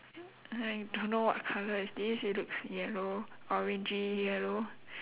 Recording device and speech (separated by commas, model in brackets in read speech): telephone, conversation in separate rooms